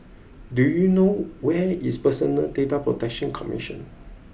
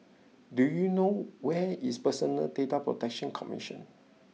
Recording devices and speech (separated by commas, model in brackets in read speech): boundary microphone (BM630), mobile phone (iPhone 6), read sentence